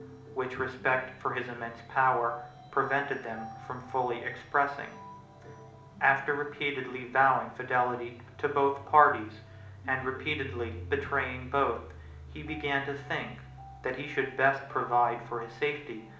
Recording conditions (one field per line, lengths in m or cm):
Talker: one person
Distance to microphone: 2.0 m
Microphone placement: close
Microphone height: 99 cm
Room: medium-sized (5.7 m by 4.0 m)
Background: music